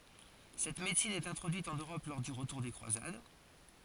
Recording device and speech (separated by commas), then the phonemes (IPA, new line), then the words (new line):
forehead accelerometer, read sentence
sɛt medəsin ɛt ɛ̃tʁodyit ɑ̃n øʁɔp lɔʁ dy ʁətuʁ de kʁwazad
Cette médecine est introduite en Europe lors du retour des croisades.